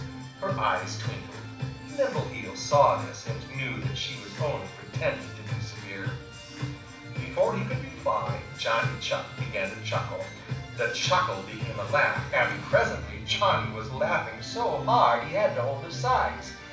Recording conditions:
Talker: one person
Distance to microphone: 5.8 m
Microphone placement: far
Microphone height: 1.8 m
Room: medium-sized (5.7 m by 4.0 m)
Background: music

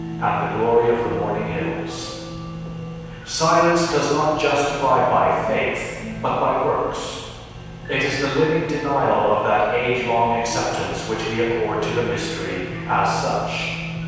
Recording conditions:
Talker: one person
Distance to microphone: 7.1 m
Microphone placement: far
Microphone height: 1.7 m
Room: very reverberant, large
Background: music

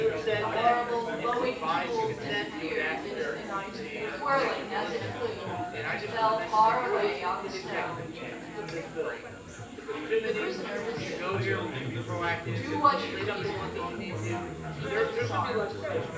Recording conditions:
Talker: one person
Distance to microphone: 9.8 m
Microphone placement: far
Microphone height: 1.8 m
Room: large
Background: babble

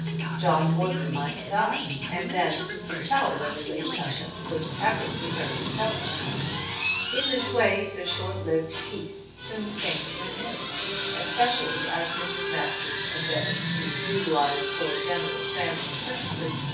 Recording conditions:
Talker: one person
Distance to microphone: 9.8 m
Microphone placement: far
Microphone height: 1.8 m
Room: large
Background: television

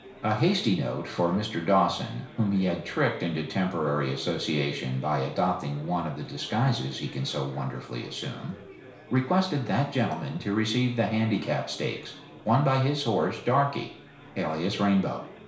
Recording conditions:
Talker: one person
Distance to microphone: 1.0 m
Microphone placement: close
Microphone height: 1.1 m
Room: small (3.7 m by 2.7 m)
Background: babble

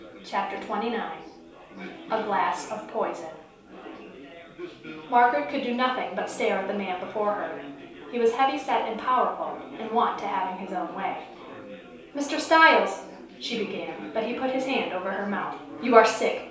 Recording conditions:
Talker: one person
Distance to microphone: 3.0 m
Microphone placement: far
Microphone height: 1.8 m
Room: small (3.7 m by 2.7 m)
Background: babble

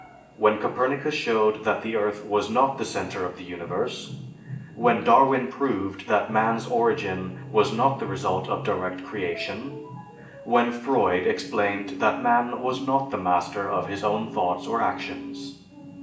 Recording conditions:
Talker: one person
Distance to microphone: 1.8 m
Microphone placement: close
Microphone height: 1.0 m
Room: large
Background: television

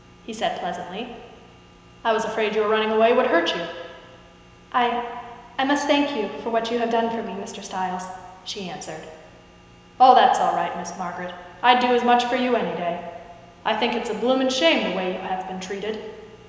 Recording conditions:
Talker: one person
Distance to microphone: 1.7 m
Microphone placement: close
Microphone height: 1.0 m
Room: very reverberant, large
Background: none

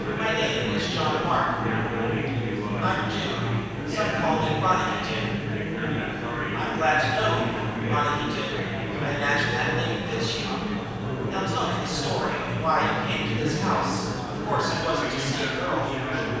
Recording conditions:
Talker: one person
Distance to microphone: 7.1 m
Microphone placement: far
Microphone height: 1.7 m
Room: very reverberant, large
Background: babble

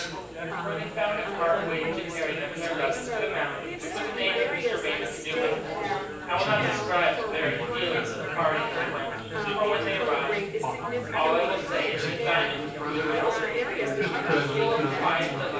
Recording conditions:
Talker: one person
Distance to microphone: 9.8 m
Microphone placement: far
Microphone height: 1.8 m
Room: large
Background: babble

